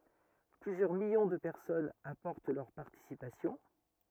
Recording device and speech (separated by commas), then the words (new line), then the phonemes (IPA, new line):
rigid in-ear microphone, read sentence
Plusieurs millions de personnes apportent leur participation.
plyzjœʁ miljɔ̃ də pɛʁsɔnz apɔʁt lœʁ paʁtisipasjɔ̃